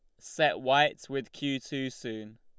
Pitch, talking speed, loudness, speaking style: 135 Hz, 165 wpm, -30 LUFS, Lombard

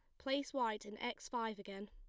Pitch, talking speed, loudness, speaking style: 225 Hz, 215 wpm, -42 LUFS, plain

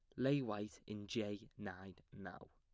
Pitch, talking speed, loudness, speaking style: 105 Hz, 155 wpm, -44 LUFS, plain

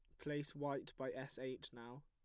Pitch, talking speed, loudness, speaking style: 130 Hz, 195 wpm, -47 LUFS, plain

